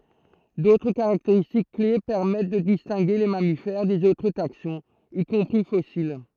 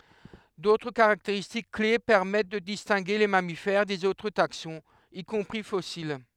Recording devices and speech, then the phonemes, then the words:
throat microphone, headset microphone, read sentence
dotʁ kaʁakteʁistik kle pɛʁmɛt də distɛ̃ɡe le mamifɛʁ dez otʁ taksɔ̃z i kɔ̃pʁi fɔsil
D'autres caractéristiques clés permettent de distinguer les mammifères des autres taxons, y compris fossiles.

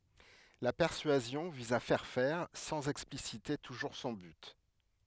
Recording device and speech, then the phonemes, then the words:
headset microphone, read sentence
la pɛʁsyazjɔ̃ viz a fɛʁ fɛʁ sɑ̃z ɛksplisite tuʒuʁ sɔ̃ byt
La persuasion vise à faire faire, sans expliciter toujours son but.

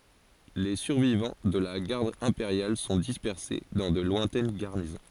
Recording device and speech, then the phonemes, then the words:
forehead accelerometer, read sentence
le syʁvivɑ̃ də la ɡaʁd ɛ̃peʁjal sɔ̃ dispɛʁse dɑ̃ də lwɛ̃tɛn ɡaʁnizɔ̃
Les survivants de la Garde impériale sont dispersés dans de lointaines garnisons.

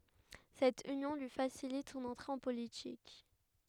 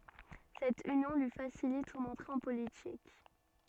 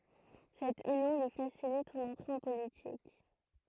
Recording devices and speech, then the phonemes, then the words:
headset microphone, soft in-ear microphone, throat microphone, read sentence
sɛt ynjɔ̃ lyi fasilit sɔ̃n ɑ̃tʁe ɑ̃ politik
Cette union lui facilite son entrée en politique.

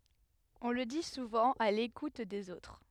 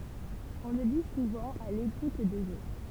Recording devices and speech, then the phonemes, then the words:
headset microphone, temple vibration pickup, read sentence
ɔ̃ lə di suvɑ̃ a lekut dez otʁ
On le dit souvent à l’écoute des autres.

